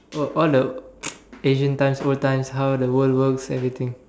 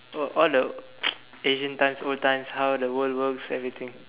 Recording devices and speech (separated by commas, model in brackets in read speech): standing microphone, telephone, conversation in separate rooms